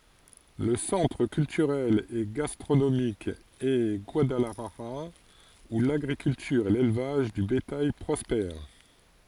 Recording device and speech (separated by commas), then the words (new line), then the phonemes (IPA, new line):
forehead accelerometer, read sentence
Le centre culturel et gastronomique est Guadalajara où l'agriculture et l'élevage de bétail prospèrent.
lə sɑ̃tʁ kyltyʁɛl e ɡastʁonomik ɛ ɡwadalaʒaʁa u laɡʁikyltyʁ e lelvaʒ də betaj pʁɔspɛʁ